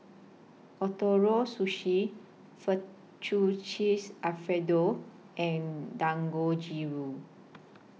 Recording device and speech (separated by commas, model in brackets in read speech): mobile phone (iPhone 6), read sentence